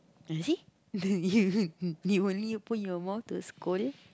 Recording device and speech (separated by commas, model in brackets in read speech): close-talking microphone, conversation in the same room